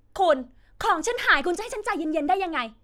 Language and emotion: Thai, angry